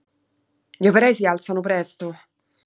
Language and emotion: Italian, angry